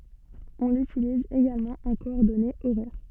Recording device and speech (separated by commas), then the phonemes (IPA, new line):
soft in-ear microphone, read sentence
ɔ̃ lytiliz eɡalmɑ̃ ɑ̃ kɔɔʁdɔnez oʁɛʁ